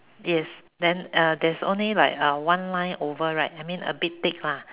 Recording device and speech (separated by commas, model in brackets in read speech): telephone, conversation in separate rooms